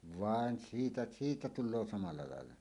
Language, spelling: Finnish, vaan siitä siitä tulee samalla lailla
- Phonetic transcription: vàen 'siitä , 'siitä "tul̆loo samalla làella .

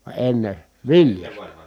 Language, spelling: Finnish, vaan ennen viljasta
- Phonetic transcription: va enne , viljasta .

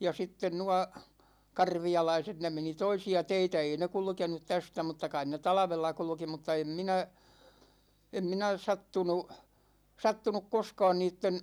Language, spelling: Finnish, ja sitten nuo karvialaiset ne meni toisia teitä ei ne kulkenut tästä mutta kai ne talvella kulki mutta en minä en minä sattunut sattunut koskaan niiden
- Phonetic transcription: ja 'sitten 'nua , "karvi₍alaiset 'ne meni "toisi₍a 'teitä 'ei ne "kulkenut 'tästä mutta 'kain ne "talᵃvella 'kulᵘki mutta 'em 'minä , 'em 'minä 'sattunu , 'sattunuk 'koskaan 'niitten .

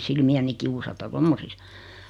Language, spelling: Finnish, silmiäni kiusata tuommoisissa
- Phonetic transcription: 'silmi₍äni kiusata "tommosis .

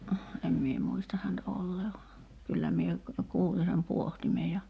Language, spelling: Finnish, en minä muista häntä olleen vaan kyllä minä kuulin sen pohtimen ja
- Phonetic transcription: 'em mie muista hänt 'ollee va , 'kyllä mie , "kuuli sem 'puohtime ja ,.

